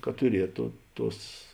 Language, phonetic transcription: Lithuanian, kad tuˈrieto ˈtuos

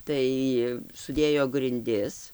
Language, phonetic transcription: Lithuanian, ˈtai suˈdėjo grinˈdis

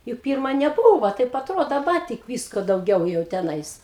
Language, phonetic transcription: Lithuanian, juk ˈpyrma neˈbūva ˈtaip atˈrodo daˈba tik ˈvysko dauˈgiau jau teˈnais

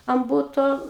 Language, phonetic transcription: Lithuanian, an ˈbuto

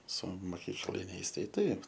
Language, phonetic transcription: Lithuanian, su moˈkykliniais ˈtai ˈtaip

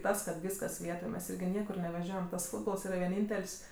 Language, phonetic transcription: Lithuanian, ˈtas kad ˈvyskas ˈvietoj mes ˈirgi ˈniekur neveˈžiojam tas ˈfūtbols ˈyra veˈnyntel's'

